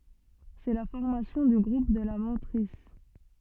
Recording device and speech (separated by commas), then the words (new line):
soft in-ear microphone, read sentence
C'est la formation du groupe de la mantrisse.